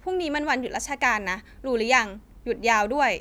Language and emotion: Thai, neutral